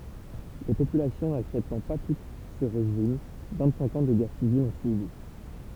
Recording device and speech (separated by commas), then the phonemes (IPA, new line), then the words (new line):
temple vibration pickup, read sentence
le popylasjɔ̃ naksɛptɑ̃ pa tut sə ʁeʒim vɛ̃tsɛ̃k ɑ̃ də ɡɛʁ sivil ɔ̃ syivi
Les populations n’acceptant pas toutes ce régime, vingt-cinq ans de guerre civile ont suivi.